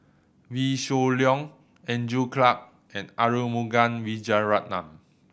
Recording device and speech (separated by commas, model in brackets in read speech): boundary microphone (BM630), read sentence